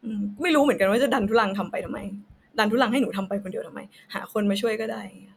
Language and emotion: Thai, frustrated